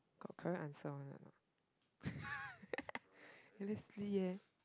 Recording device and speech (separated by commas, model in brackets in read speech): close-talking microphone, conversation in the same room